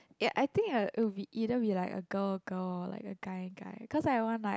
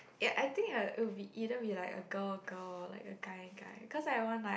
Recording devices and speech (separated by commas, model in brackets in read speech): close-talking microphone, boundary microphone, conversation in the same room